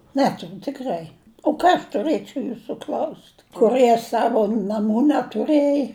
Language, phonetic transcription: Lithuanian, ˈneturiu tikˈrai o ˈką aš tuˈrɘčiauˈ jūsų kl'aust' ˈkurɨe ˈsavu naˈmų netuˈrɘj

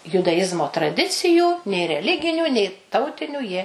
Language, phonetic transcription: Lithuanian, judaˈjizmo traˈdicijų nė reˈliginių nei ˈtautinių jie

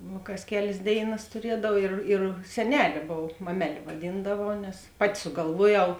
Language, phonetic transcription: Lithuanian, ˈnū kas ˈkelės ˈdėiˌnas tuˈriedav ˈir ir seˈnelė ˈbov ˈmameˌlė vaˈdyndavau nes ˈpaˌti sugalˈvuoˌjau

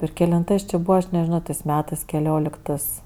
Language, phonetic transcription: Lithuanian, ir kelinˈtɜs či ˈbūva aš nežiˈno tɜs ˈmetɜs kelioˈliktɜs

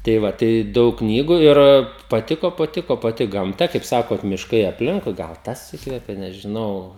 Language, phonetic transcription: Lithuanian, tai ˈva tai ˈdaug ˈknygu ir paˈtiko paˈtiko paˈti gamˈta kaip ˈsakot mišˈkai apˈlinkui gal ˈtas ˈįkvepė nežiˈnau

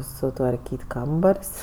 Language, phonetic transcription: Lithuanian, sutvarˈkyt' ˈkambar's'

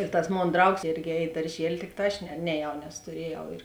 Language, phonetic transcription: Lithuanian, ir tas ˈmon ˈdraugs ˈėrgi ˈēj i darˈžieli ˈtikˌtā ˈaš ne neˈjau nes tuˈriejau ir

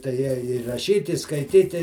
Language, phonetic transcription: Lithuanian, tai ˈja i raˈšyt i skaiˈtyti

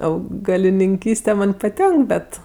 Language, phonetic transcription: Lithuanian, augalininˈkyste ˈman' paˈtenk ˈbet

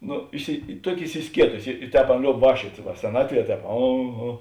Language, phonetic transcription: Lithuanian, ˈnu isi ˈtuoki isiˈskietusi i i ˈtēp ˈaˌna ˈlioub ˈvākščiuot' va seˈnatˌvie ˈtēp ˈa ˈa

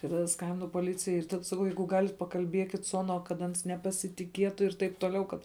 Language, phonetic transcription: Lithuanian, tai taˈda ˈskambinu poˈlicijai ir ˈtad saˈkau ˈjeigu ˈgalit pakalˈbiekit su ˈanuo kad ˈans nepasitiˈkietu ir ˈtaip toˈliau ˈkad

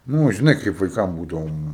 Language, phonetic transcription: Lithuanian, ˈnu žiˈnai kaip vaiˈkam ˈbūdavom

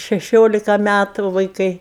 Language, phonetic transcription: Lithuanian, šeˈšiolika ˈmætu vaiˈkai

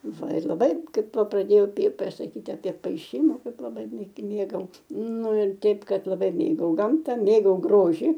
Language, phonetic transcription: Lithuanian, ˈva ir laˈbai ˈkaip ˈva praˈdėjau pė saˈkyti apė paiˈšyma ˈkaip laˈbai mė ˈmėgau ˈnu ir ˈteip ˈkad laˈbai ˈmėgau ˈgamta ˈmėgau ˈgroži

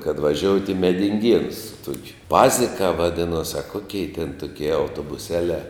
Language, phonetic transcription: Lithuanian, kad vaˈžiout' i medinˈgienus su ˈtuokiu ˈpazikā vaˈdinos a ˈkokei ten ˈtukie autobuˈselē

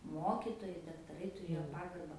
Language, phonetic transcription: Lithuanian, ˈmokitojai daktaˈrai tuˈrėjo ˈpagarba

